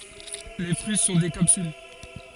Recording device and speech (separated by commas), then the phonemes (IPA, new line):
forehead accelerometer, read sentence
le fʁyi sɔ̃ de kapsyl